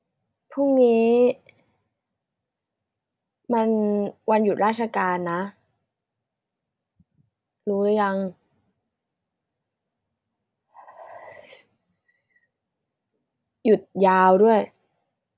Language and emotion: Thai, sad